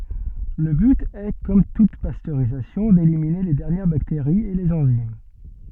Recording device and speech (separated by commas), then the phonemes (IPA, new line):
soft in-ear microphone, read sentence
lə byt ɛ kɔm tut pastøʁizasjɔ̃ delimine le dɛʁnjɛʁ bakteʁiz e lez ɑ̃zim